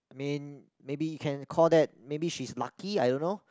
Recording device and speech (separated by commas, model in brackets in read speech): close-talking microphone, conversation in the same room